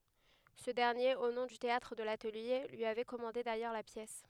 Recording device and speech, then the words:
headset microphone, read sentence
Ce dernier, au nom du Théâtre de l'Atelier, lui avait commandé d'ailleurs la pièce.

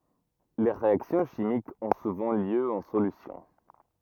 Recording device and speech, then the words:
rigid in-ear microphone, read sentence
Les réactions chimiques ont souvent lieu en solution.

